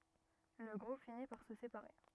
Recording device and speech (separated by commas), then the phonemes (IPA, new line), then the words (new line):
rigid in-ear microphone, read sentence
lə ɡʁup fini paʁ sə sepaʁe
Le groupe finit par se séparer.